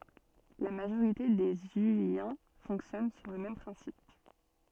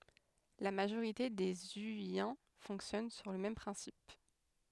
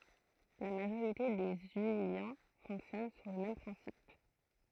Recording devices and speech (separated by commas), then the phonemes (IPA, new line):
soft in-ear microphone, headset microphone, throat microphone, read sentence
la maʒoʁite de zyijɛ̃ fɔ̃ksjɔn syʁ lə mɛm pʁɛ̃sip